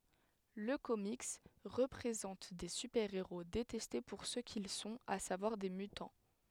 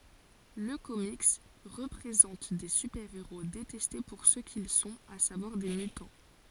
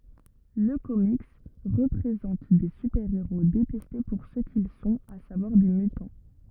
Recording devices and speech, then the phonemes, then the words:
headset microphone, forehead accelerometer, rigid in-ear microphone, read sentence
lə komik pʁezɑ̃t de sypɛʁeʁo detɛste puʁ sə kil sɔ̃t a savwaʁ de mytɑ̃
Le comics présente des super-héros détestés pour ce qu'ils sont, à savoir des mutants.

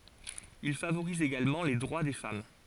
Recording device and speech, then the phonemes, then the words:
forehead accelerometer, read sentence
il favoʁiz eɡalmɑ̃ le dʁwa de fam
Il favorise également les droits des femmes.

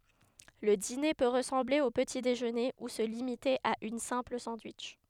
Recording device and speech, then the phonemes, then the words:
headset microphone, read sentence
lə dine pø ʁəsɑ̃ble o pəti deʒøne u sə limite a yn sɛ̃pl sɑ̃dwitʃ
Le dîner peut ressembler au petit-déjeuner ou se limiter à une simple sandwich.

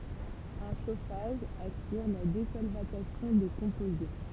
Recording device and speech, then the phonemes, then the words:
temple vibration pickup, read sentence
œ̃ ʃofaʒ asyʁ la dezɔlvatasjɔ̃ de kɔ̃poze
Un chauffage assure la désolvatation des composés.

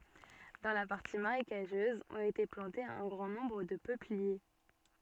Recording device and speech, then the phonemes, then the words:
soft in-ear microphone, read sentence
dɑ̃ la paʁti maʁekaʒøz ɔ̃t ete plɑ̃tez œ̃ ɡʁɑ̃ nɔ̃bʁ də pøplie
Dans la partie marécageuse ont été plantées un grand nombre de peupliers.

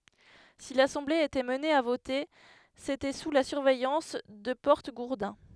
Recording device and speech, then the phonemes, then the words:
headset microphone, read sentence
si lasɑ̃ble etɛt amne a vote setɛ su la syʁvɛjɑ̃s də pɔʁtəɡuʁdɛ̃
Si l'assemblée était amenée à voter, c'était sous la surveillance de porte-gourdins.

